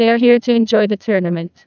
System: TTS, neural waveform model